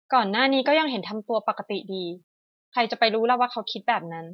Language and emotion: Thai, frustrated